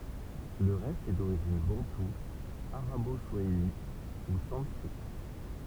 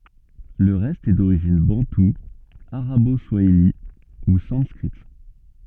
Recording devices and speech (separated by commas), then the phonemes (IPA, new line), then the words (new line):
temple vibration pickup, soft in-ear microphone, read sentence
lə ʁɛst ɛ doʁiʒin bɑ̃tu aʁabo swaili u sɑ̃skʁit
Le reste est d'origine bantou, arabo-swahili ou sanskrite.